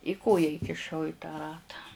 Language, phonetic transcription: Lithuanian, i ˈkoja įkiˈšau i tą ˈratą

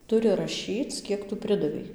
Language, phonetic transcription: Lithuanian, ˈturi raˈšyc ˈkiek tu ˈpridavei

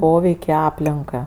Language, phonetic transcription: Lithuanian, ˈpoveik' i ˈaplinka

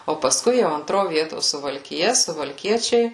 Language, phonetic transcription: Lithuanian, o pasˈkui jau anˈtro ˈvieto suvalkiˈja suvalˈkiečiai

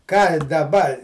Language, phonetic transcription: Lithuanian, ką daˈba

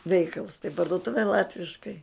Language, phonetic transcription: Lithuanian, ˈveikals tai parduoˈtuve ˈlatviškai

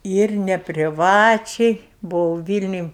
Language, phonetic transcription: Lithuanian, ir nepriˈvačiai buˈvau ˈvylniuj

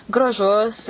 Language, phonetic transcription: Lithuanian, graˈžus

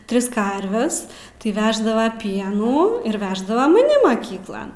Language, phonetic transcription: Lithuanian, ˈtris ˈkarves tai ˈveždava ˈpienų ir veždava maˈni maˈkyklan

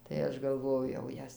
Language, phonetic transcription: Lithuanian, tai ˈaš galˈvojau jau ˈjas

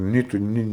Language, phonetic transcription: Lithuanian, ˈnei tu ˈni

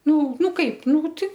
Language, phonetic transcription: Lithuanian, ˈnu ˈnu ˈkaip ˈnū ti

